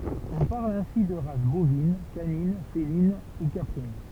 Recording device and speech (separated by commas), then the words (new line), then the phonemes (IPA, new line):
temple vibration pickup, read sentence
On parle ainsi de races bovines, canines, félines, ou caprines.
ɔ̃ paʁl ɛ̃si də ʁas bovin kanin felin u kapʁin